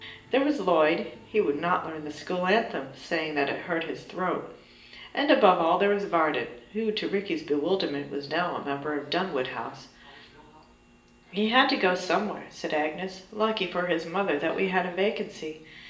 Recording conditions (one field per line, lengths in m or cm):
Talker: one person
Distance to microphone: 1.8 m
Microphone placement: close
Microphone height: 1.0 m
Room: large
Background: television